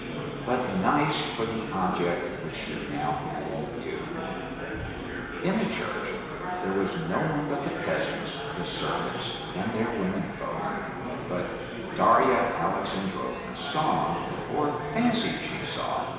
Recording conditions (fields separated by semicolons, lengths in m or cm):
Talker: one person; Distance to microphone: 1.7 m; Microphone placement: close; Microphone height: 1.0 m; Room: very reverberant, large; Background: babble